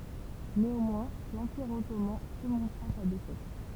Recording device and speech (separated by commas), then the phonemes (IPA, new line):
temple vibration pickup, read sentence
neɑ̃mwɛ̃ lɑ̃piʁ ɔtoman syʁmɔ̃tʁa sa defɛt